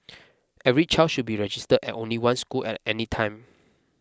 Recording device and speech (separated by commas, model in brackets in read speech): close-talking microphone (WH20), read sentence